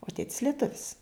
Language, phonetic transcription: Lithuanian, o ˈtėtis lieˈtuvis

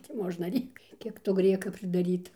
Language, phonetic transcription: Lithuanian, ti ˈmožna ˈrėkt ˈkiek to ˈgrieka pridaˈryta

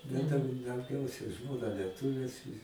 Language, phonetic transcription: Lithuanian, bet ˈten dauˈgiausia ˈžmona lieˈtuvės

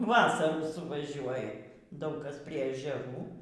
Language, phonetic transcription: Lithuanian, ˈvasarų suvaˈžiuoja ˈdaug ˈkas ˈprie ežeˈrų

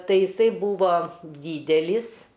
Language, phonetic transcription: Lithuanian, tai jiˈsai ˈbūva ˈdydelis

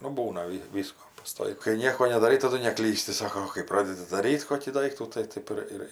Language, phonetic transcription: Lithuanian, nu ˈbūna ˈvi ˈvysko paˈstoik kai ˈnieko nedaˈrai taˈdu neˈklysti ˈsako o kai ˈpradedi daˈryt' ˈkokį ˈdaiktų tai ˈtaip ir ir

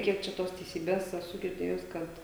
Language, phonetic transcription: Lithuanian, ˈkiek čia ˈtos teiˈsybės eˈsu girˈdėjus ˈkad

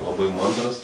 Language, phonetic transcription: Lithuanian, laˈbai ˈmandras

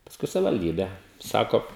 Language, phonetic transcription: Lithuanian, pasˈkui savivalˈdybe ˈsako

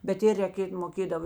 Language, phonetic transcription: Lithuanian, bet ˈir reˈkėt moˈkėdavo

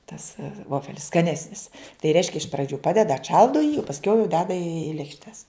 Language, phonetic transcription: Lithuanian, tas ˈvofelis skaˈnesnis tai ˈreiškia iš praˈdžiu ˈpadeda atˈšaldo jį o pasˈkiau jau ˈdeda į lėkšˈtes

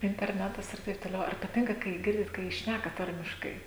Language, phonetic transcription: Lithuanian, interˈnetas ir ˈtaip toˈliau ar paˈtinka ˈkai ˈgirdit kai ˈšnæka ˈtarmiškai

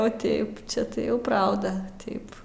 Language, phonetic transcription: Lithuanian, o ˈteip ˈčia tai ˈjau ˈprauda ˈteip

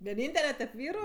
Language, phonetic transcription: Lithuanian, vieˈnyntele tep ˈvyru

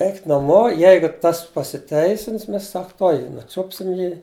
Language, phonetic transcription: Lithuanian, ˈeikit naˈmo ˈjeigu ˈtas pasiˈteisins ˈmes ˈsak ˈtuoj ˈjį nuˈčupsim ˈjį

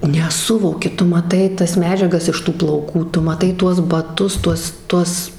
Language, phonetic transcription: Lithuanian, neˈsuvoki ˈtu maˈtai ˈtas ˈmedžiagas iš ˈtų plauˈkų ˈtu maˈtai ˈtuos baˈtus ˈtuos ˈtuos

